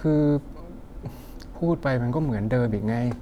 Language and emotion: Thai, frustrated